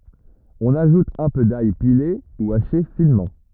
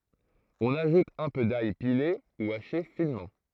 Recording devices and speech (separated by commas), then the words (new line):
rigid in-ear microphone, throat microphone, read sentence
On ajoute un peu d'ail pilé ou haché finement.